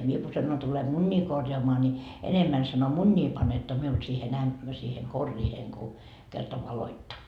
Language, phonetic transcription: Finnish, 'mie ku sanon tule "muńńii 'korjaamaa ni , enemmän » sano » 'muńńii panetto 'miul siihe'n ‿äm- , siihe korriiheŋ ku , kerta 'valoitta » .
- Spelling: minä kun sanon tule munia korjaamaan niin enemmän sanoi munia panette minulle siihen - siihen koriin kun kerta valoitte

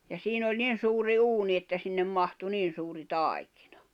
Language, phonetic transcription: Finnish, ja 'siin ‿oĺ 'nin̬ suuri 'uuni että sinnem mahtu 'niin̬ suuri 'tài̬kɪɴᴀ .
- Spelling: ja siinä oli niin suuri uuni että sinne mahtui niin suuri taikina

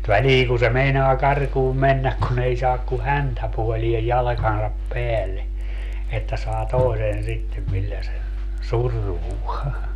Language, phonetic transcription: Finnish, 'väliiŋ ku se 'meinoa 'karkuum 'mennäk kun ‿ei 'saak ku "häntäpuoliej 'jalᵃkansap 'peälle , että saa "tòi̮sen 'sittem millä sen̬ , "survuo .
- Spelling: väliin kun se meinaa karkuun mennä kun ei saa kuin häntäpuoleen jalkansa päälle että saa toisen sitten millä sen survoo

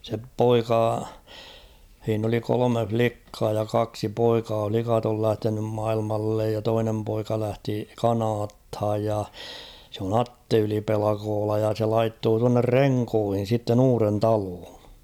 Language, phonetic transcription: Finnish, se "poika , h̬iin ‿oli 'kolome "flikkaa ja 'kaksi "poikaa 'flikat ‿ol 'lähtenym 'mailmallej ja 'toinem poika 'lähti "Kanaathaj ja , se ‿on "Atte 'Yli'pelakoola ja se 'laittoo tuanner "Reŋkoohin̬ sitten ‿'uuren "taloon̬ .
- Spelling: se poika siinä oli kolme likkaa ja kaksi poikaa likat oli lähtenyt maailmalle ja toinen poika lähti Kanadaan ja se on Atte Yli-Pelkola ja se laittoi tuonne Renkoon sitten uuden taloon

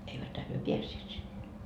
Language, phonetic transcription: Finnish, 'eiväthä hyö "piässeet sinne .
- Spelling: eiväthän he päässeet sinne

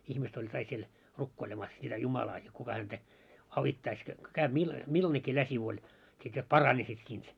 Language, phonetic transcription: Finnish, 'ihmist ‿oĺ kaik siel , "rukkoilemas sitä "Jumalaa jot kuka häntä , 'avittais jot ko käyʙ milla- , 'millanekkii läsiv ‿oĺ , sit jot "paranissit siint .
- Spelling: ihmiset oli kaikki siellä rukoilemassa sitä Jumalaa jotta kuka häntä auttaisi jotta kun käy - millainenkin läsiä oli sitten jotta paranisit siitä

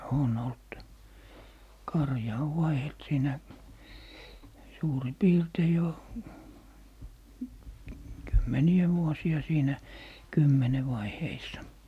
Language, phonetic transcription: Finnish, 'on olt , 'karja ov "vaihelt 'siinä , suuri 'piirtei jo , kymmeni₍ɔ̈̀ 'vuosi₍a 'siinä , "kymmene 'vaiheissa .
- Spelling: on ollut karja on vaihdellut siinä suurin piirtein jo kymmeniä vuosia siinä kymmenen vaiheissa

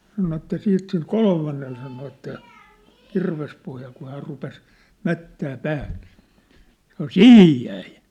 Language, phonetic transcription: Finnish, sano että 'siit sil 'kolmannel sano että , "kirvespohjal kuh häär rupes , "mättää "pääh ɴɪɪɴ , săno "sihij 'jäi !
- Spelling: sanoi että sitten sille kolmannelle sanoi että kirvespohjalla kun hän rupesi mättämään päähän niin sanoi siihen jäi

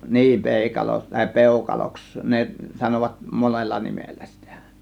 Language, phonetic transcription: Finnish, nii , 'pèikalo tàė "pèukaloks , 'ne sanovat 'monella 'nimellä sItÄ .
- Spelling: niin peikalo tai peukaloksi ne sanovat monella nimellä sitä

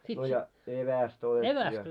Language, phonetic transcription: Finnish, no ja 'evästä otettii ja .
- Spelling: no ja evästä otettiin ja

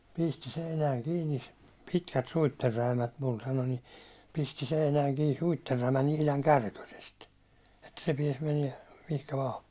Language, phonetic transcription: Finnish, » pisti 'seinääŋ 'kiini , 'pitkät 'suitterräimät mul « sano ni , » pisti 'seinääŋ kii 'suitterräimän ‿ihlaŋ "kärkösest , että se 'piɛs meniɛ , mihkä 'vaa .
- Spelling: pisti seinään kiinni pitkät suitsenräimät minulle sanoi niin pisti seinään kiinni suitsenräimät ihan kärkösesti että se pääsi menemään mihin vain

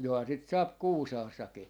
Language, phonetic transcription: Finnish, 'johaa sit 'saap "Kuusaassaki .
- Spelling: johan sitä saa Kuusaassakin

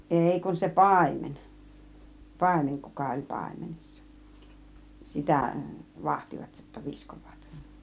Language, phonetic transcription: Finnish, 'èi kun se "pàimen , 'pàimen , 'kuka oĺ 'pàimenessa , "sitä̀ , "vahtivat jotta , 'viskov̆vaat .
- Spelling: ei kun se paimen paimen kuka oli paimenessa sitä vahtivat jotta viskovat

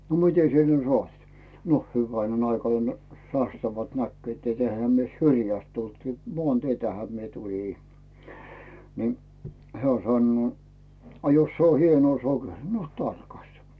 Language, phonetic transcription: Finnish, » no "mit́e sie ne 'sᵒait ? « » no 'hyväinen aikanᴇ , sastavalt näkkʸö̀t et 'eⁱhä myö "syrjäst 'tult , "mᵒànteitähä mie 'tuĺì « , ni , "heä̀ 'sannuò » a 'jos se o "hienᵘò "sokeri « » no "tarkasta ! « .
- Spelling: no miten sinä ne sait no hyvänen aikainen sastavalta näkivät että eihän me syrjästä tultu maanteitähän minä tulin niin hän sanoo a jos se on hienoa sokeria no tarkasta

